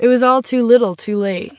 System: none